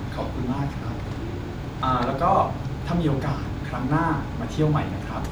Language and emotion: Thai, happy